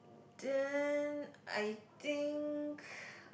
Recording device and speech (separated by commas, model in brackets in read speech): boundary microphone, conversation in the same room